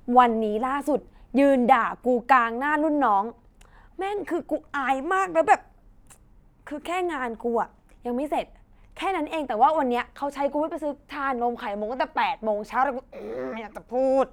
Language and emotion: Thai, frustrated